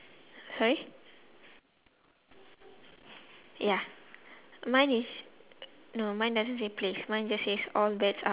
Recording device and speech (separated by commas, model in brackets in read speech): telephone, conversation in separate rooms